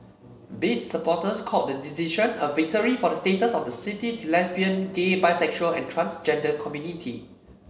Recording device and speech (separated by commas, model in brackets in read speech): mobile phone (Samsung C7), read sentence